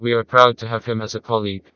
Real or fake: fake